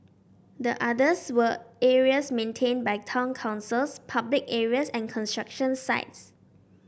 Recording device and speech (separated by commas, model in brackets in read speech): boundary microphone (BM630), read sentence